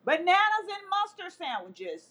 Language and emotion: English, happy